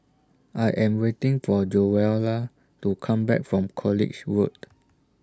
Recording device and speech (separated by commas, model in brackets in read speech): standing microphone (AKG C214), read sentence